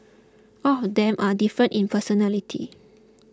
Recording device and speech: close-talking microphone (WH20), read sentence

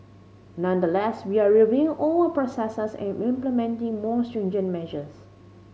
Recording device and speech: mobile phone (Samsung C5010), read sentence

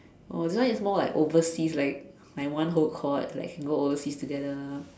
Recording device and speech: standing microphone, conversation in separate rooms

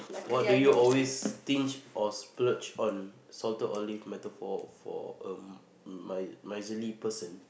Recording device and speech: boundary microphone, conversation in the same room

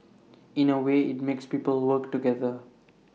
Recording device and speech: mobile phone (iPhone 6), read sentence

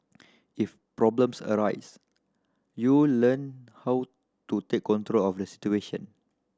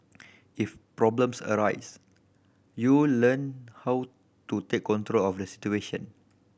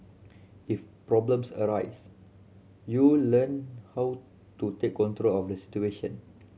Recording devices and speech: standing microphone (AKG C214), boundary microphone (BM630), mobile phone (Samsung C7100), read sentence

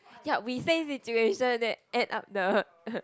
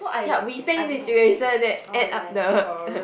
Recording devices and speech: close-talking microphone, boundary microphone, conversation in the same room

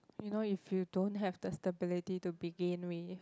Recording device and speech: close-talking microphone, conversation in the same room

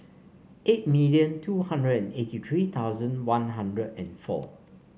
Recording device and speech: mobile phone (Samsung C5), read sentence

